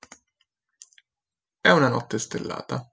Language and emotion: Italian, neutral